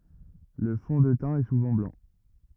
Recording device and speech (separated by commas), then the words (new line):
rigid in-ear microphone, read sentence
Le fond de teint est souvent blanc.